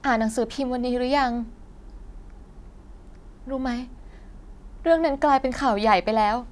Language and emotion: Thai, frustrated